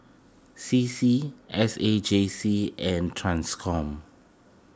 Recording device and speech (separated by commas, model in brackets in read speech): close-talking microphone (WH20), read sentence